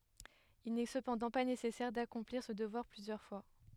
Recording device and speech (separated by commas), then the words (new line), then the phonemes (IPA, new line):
headset microphone, read sentence
Il n'est cependant pas nécessaire d'accomplir ce devoir plusieurs fois.
il nɛ səpɑ̃dɑ̃ pa nesɛsɛʁ dakɔ̃pliʁ sə dəvwaʁ plyzjœʁ fwa